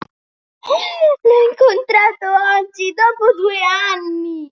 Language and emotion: Italian, surprised